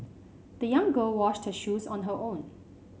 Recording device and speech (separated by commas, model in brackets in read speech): mobile phone (Samsung C5), read sentence